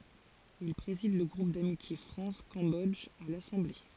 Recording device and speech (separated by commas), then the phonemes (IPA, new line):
forehead accelerometer, read sentence
il pʁezid lə ɡʁup damitje fʁɑ̃s kɑ̃bɔdʒ a lasɑ̃ble